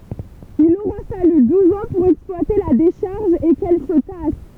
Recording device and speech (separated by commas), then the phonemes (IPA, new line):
temple vibration pickup, read sentence
il oʁa faly duz ɑ̃ puʁ ɛksplwate la deʃaʁʒ e kɛl sə tas